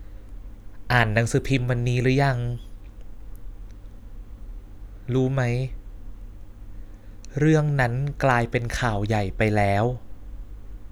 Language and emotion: Thai, frustrated